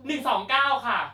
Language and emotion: Thai, happy